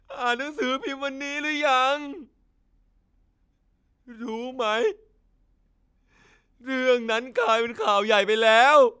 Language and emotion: Thai, sad